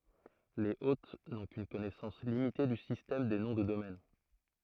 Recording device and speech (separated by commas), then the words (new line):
throat microphone, read sentence
Les hôtes n'ont qu'une connaissance limitée du système des noms de domaine.